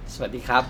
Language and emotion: Thai, happy